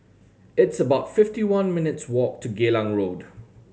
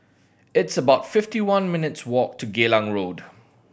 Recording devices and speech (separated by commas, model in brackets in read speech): mobile phone (Samsung C7100), boundary microphone (BM630), read sentence